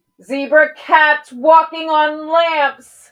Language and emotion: English, angry